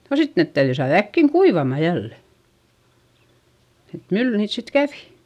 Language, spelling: Finnish, no sitten ne täytyi saada äkkiä kuivamaan jälleen että mylly niitä sitten kävi
- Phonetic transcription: no sit net täyδyi saaδ ‿äkkiŋ kuivama jälle , et mylly niit sit kävi .

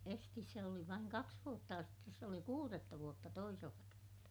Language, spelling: Finnish, esisti se oli vain kaksi vuotta ja sitten se oli kuudetta vuotta toisella kertaa
- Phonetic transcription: estis se oli vaiŋ kaks vuotta ja sittes se oli kuuretta vuotta toisella kertAA .

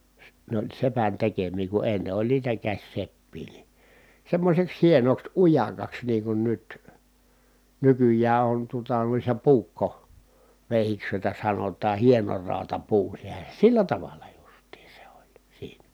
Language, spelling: Finnish, se ne oli sepän tekemiä kun ennen oli niitä käsiseppiä niin semmoiseksi hienoksi ujakaksi niin kuin nyt nykyään on tuota noissa - puukkoveitsiksi joita sanotaan hienorautapuu sehän sillä tavalla justiin se oli siinä
- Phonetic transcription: sᵉ , nᵉ ‿oĺ sepän tekemii ku enne oĺ niitä käśseppii ni , semmośeks hienoks ujakaks niiŋ kun nyt , nykyj̀ää on tuota nuissa puukko- , -vèihiks jòita sanotaa hienoraatapuu (sehä) , sillä tavalla justii se oĺ , siiNÄ .

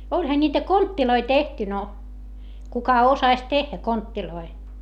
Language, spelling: Finnish, olihan niitä kontteja tehty no kuka osasi tehdä kontteja
- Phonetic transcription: oĺha ńiitä konttiloi tehty no , kuka osaś tehhä konttiloi .

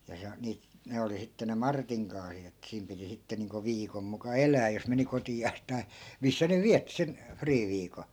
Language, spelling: Finnish, ja se - - ne oli sitten ne Martin kaasit että siinä piti sitten niin kuin viikon muka elää jos meni kotiansa tai missä ne vietti sen friiviikon
- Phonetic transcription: ja 'se o- , 'niit- , 'ne oli sitte ne "martiŋ kaasiᵗ ‿ettᵃ̈ siim piti 'sitte niiŋko 'viikom muka "elää jos meni 'koti₍aas tai̮ , 'missä ne 'viätti sen , "friiviiko .

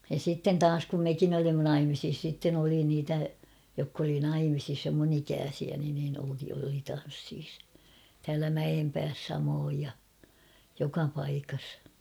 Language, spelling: Finnish, ja sitten taas kun mekin olimme naimisissa sitten oli niitä jotka oli naimisissa jo minun ikäisiäni niin oli tansseissa täällä Mäenpäässä samoin ja joka paikassa
- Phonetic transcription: ja sitten "taas kum 'mekin ‿olimma 'naimisis sitten ‿oli niitä , jokk ‿oli 'naimisis (jo) mun ‿'ikääsiäni niin oli tan̬ssiis , täälä 'Mäʲempääs samooj ja , 'joka paikas .

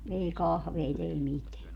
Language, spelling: Finnish, ei kahveja ei mitään
- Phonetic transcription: 'ei "kahveit ‿ei 'miteä .

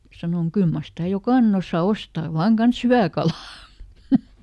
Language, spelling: Finnish, sanoin kyllä mar sitä jokainen osaa ostaa vain kanssa hyvää kalaa
- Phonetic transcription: ˈsanoŋ » ˈkyl mar sitä̀ "jokànen ‿ossa , "ostaa ˈvaaŋ ˈkans "hyvä̀ "kalà !

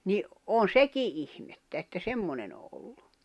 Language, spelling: Finnish, niin on sekin ihmettä että semmoinen on ollut
- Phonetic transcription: ni , on̬ "seki '’ihmettä että 'semmonen ‿o ’ollu .

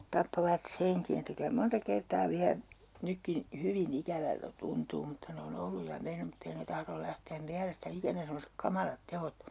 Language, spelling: Finnish, tappoivat senkin että kyllä monta kertaa vielä nytkin hyvin ikävältä tuntuu mutta ne on ollut ja mennyt mutta ei ne tahdo lähteä mielestä ikänä semmoiset kamalat teot
- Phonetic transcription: 'tappovat "seŋkin ‿että kylä 'monta 'kertaa 'viä , 'nykkin , 'hyvi"n ‿ikävältä 'tuntuu mutta ne o'n ‿olluj ja 'men̆nym mutt ‿ei ne 'tahrol 'lähteem miälestä "ikänä semmosek 'kamalat "te₍ot .

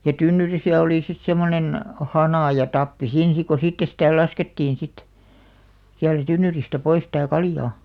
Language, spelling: Finnish, ja tynnyrissä oli sitten semmoinen hana ja tappi siinä sitten kun sitten sitä laskettiin sitten sieltä tynnyristä pois sitä kaljaa
- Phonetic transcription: ja "tynnyrisä olì sit 'semmonen , 'hanà ja 'tappi siin̬ sik ko 'sitte sitä̀ 'laskettiin̬ sit , siältä 'tynnyristä 'pois tä̀ "kaljaa .

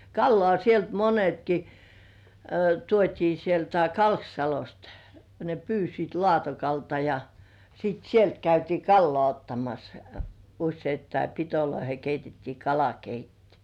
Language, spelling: Finnish, kalaa sieltä monetkin tuotiin sieltä Kalksalosta ne pyysivät Laatokalta ja sitten sieltä käytiin kalaa ottamassa useittain pitoihin keitettiin kalakeitto
- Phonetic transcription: kallŏà sielt 'monetki , tuot́ii sieltä "Kalksalost ne 'pyysit "Lŏàtokalta ja , sit 'sielt käytii "kallŏà 'ottamas , 'usseittai , pitoloihe 'keitettii "kalakeitti .

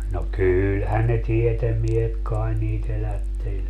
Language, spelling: Finnish, no kyllähän ne tiedemiehet kai niitä elätteli
- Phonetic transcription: no "kyylhän ne 'tietemmiehet kaen nii't ‿elätteĺ .

